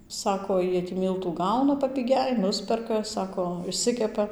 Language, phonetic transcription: Lithuanian, ˈsako ˈjie tį ˈmyltų ˈgauna papiˈgiai ˈnusperka ˈsako išˈsikepa

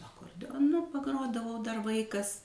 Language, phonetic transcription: Lithuanian, akordeoˈnu paˈgrodavau dar ˈvaikas

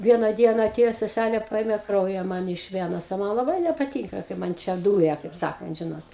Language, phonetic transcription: Lithuanian, ˈviena ˈdiena aˈtėjo seˈsælė ˈpaėme ˈkrauja ˈman iš ˈvenos o ˈman laˈbai nepaˈtynka kai ˈman ˈčia ˈdūria kaip ˈsakant ˈžinot

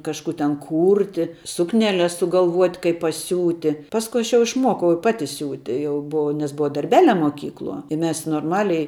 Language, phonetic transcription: Lithuanian, kažˈkų ten ˈkūrti ˈsukneˌles sugalˈvuot' kaip paˈsiūti ˈpasku ˈaš jau išˈmuokau i ˈpati ˈsiūti ˈjau buˈau nes ˈbuva darˈbeˌlia moˈkykluo i ˈmes norˈmaliai

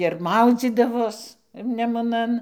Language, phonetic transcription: Lithuanian, ir ˈmaudzydavos nemuˈnan

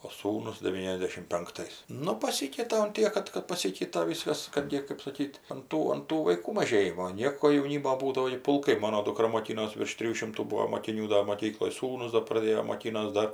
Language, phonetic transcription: Lithuanian, o ˈsūnus deˈvyniasdešim penkˈtais ˈnu paˈsykeita un ˈtiek kad kad paˈsykeita ˈvyskas ˈkad gi kɜp saˈkyt' an ˈtų an ˈtų vaiˈkų maˈžėjimo ˈnieko jauˈnymo ˈbūdavo gi pulˈkai ˈmono duˈkra moˈkynos virš ˈtrijų ˈšimtų ˈbūo mokiˈnių da moˈkykloj ˈsūnus do praˈdėjo moˈkynos ˈdar

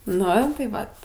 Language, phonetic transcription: Lithuanian, ˈnu tai ˈvat

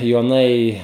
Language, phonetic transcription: Lithuanian, joˈnai

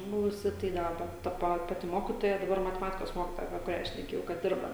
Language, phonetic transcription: Lithuanian, ˈbuvusi tai ˈdaba ta ˈpa ˈpati ˈmokitoja daˈbar mateˈmatikos ˈmokitoja apie kuˈrią šneˈkėjau kad ˈdirba

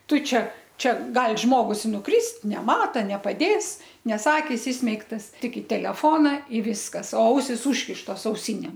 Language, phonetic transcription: Lithuanian, ˈtu ˈčia ˈčia ˈgal ˈžmogus i nuˈkrist neˈmata nepaˈdės ˈnes ˈakis ˈismeigtas ˈtik i teleˈfona i ˈviskas o ˈausis ˈūžkištos auˈsinėm

